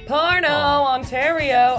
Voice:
singsong voice